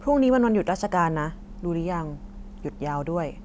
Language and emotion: Thai, neutral